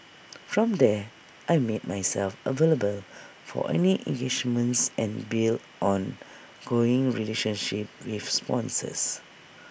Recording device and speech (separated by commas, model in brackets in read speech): boundary microphone (BM630), read sentence